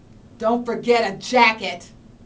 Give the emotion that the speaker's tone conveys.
angry